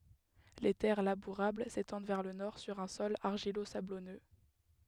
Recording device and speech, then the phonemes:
headset microphone, read sentence
le tɛʁ labuʁabl setɑ̃d vɛʁ lə nɔʁ syʁ œ̃ sɔl aʁʒilozablɔnø

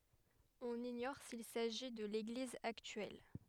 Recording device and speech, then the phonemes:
headset microphone, read sentence
ɔ̃n iɲɔʁ sil saʒi də leɡliz aktyɛl

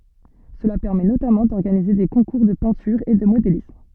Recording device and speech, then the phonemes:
soft in-ear microphone, read sentence
səla pɛʁmɛ notamɑ̃ dɔʁɡanize de kɔ̃kuʁ də pɛ̃tyʁ e də modelism

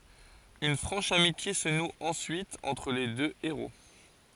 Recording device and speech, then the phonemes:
forehead accelerometer, read sentence
yn fʁɑ̃ʃ amitje sə nu ɑ̃syit ɑ̃tʁ le dø eʁo

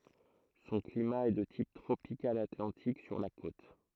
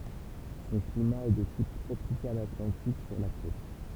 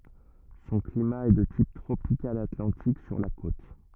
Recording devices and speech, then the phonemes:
throat microphone, temple vibration pickup, rigid in-ear microphone, read sentence
sɔ̃ klima ɛ də tip tʁopikal atlɑ̃tik syʁ la kot

